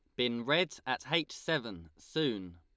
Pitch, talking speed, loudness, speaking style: 125 Hz, 150 wpm, -33 LUFS, Lombard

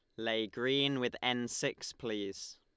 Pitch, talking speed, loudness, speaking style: 120 Hz, 150 wpm, -35 LUFS, Lombard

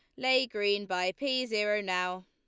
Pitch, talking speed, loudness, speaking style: 205 Hz, 175 wpm, -30 LUFS, Lombard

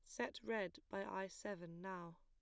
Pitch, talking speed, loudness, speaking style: 190 Hz, 180 wpm, -47 LUFS, plain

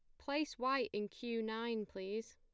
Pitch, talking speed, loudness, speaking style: 225 Hz, 170 wpm, -40 LUFS, plain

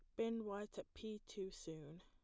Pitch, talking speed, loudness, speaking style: 200 Hz, 200 wpm, -48 LUFS, plain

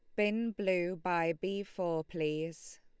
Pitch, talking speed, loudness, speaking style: 180 Hz, 140 wpm, -35 LUFS, Lombard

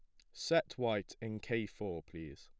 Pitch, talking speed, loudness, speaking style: 105 Hz, 175 wpm, -38 LUFS, plain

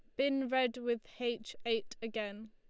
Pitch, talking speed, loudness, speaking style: 235 Hz, 155 wpm, -36 LUFS, Lombard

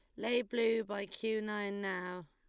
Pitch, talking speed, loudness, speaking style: 210 Hz, 170 wpm, -36 LUFS, Lombard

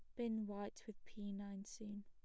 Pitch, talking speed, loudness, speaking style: 205 Hz, 195 wpm, -48 LUFS, plain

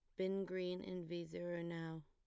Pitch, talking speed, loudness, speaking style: 175 Hz, 195 wpm, -45 LUFS, plain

